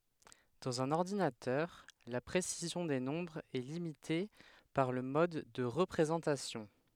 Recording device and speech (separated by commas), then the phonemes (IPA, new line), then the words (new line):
headset microphone, read sentence
dɑ̃z œ̃n ɔʁdinatœʁ la pʁesizjɔ̃ de nɔ̃bʁz ɛ limite paʁ lə mɔd də ʁəpʁezɑ̃tasjɔ̃
Dans un ordinateur, la précision des nombres est limitée par le mode de représentation.